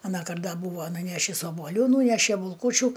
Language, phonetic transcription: Lithuanian, aˈnąkart da ˈbūva nuˈnešis obuoˈlių ˈnūneše bulˈkūčiu

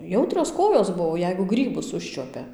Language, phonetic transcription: Lithuanian, ˈjautrios ˈkojos ˈbuvo ˈjeigu ˈgrybus ˈužčiuopia

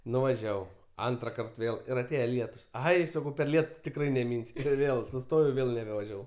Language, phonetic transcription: Lithuanian, nuvaˈžiavau ˈantrakart ˈvėl ir ˈatėje ˈlietus ˈai saˈkau per ˈlietu tikˈrai neˈminsiu ˈvėl suˈstojau ˈvėl nebevaˈžiavau

